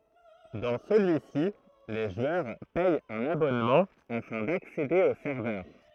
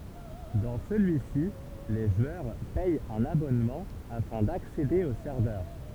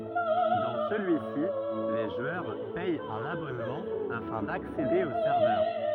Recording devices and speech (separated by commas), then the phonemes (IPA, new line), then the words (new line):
throat microphone, temple vibration pickup, rigid in-ear microphone, read sentence
dɑ̃ səlyi si le ʒwœʁ pɛt œ̃n abɔnmɑ̃ afɛ̃ daksede o sɛʁvœʁ
Dans celui-ci, les joueurs paient un abonnement afin d’accéder aux serveurs.